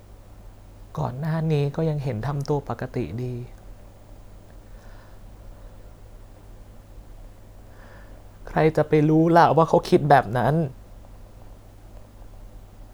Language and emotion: Thai, sad